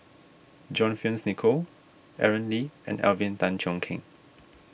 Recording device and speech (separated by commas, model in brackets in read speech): boundary microphone (BM630), read sentence